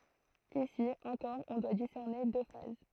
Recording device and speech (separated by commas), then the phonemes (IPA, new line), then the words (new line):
throat microphone, read sentence
isi ɑ̃kɔʁ ɔ̃ dwa disɛʁne dø faz
Ici, encore on doit discerner deux phases.